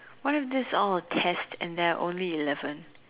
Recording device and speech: telephone, conversation in separate rooms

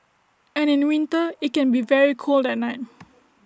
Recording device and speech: standing microphone (AKG C214), read sentence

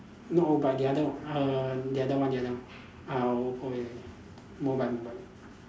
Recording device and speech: standing microphone, conversation in separate rooms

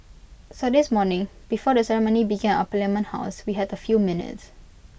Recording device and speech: boundary microphone (BM630), read sentence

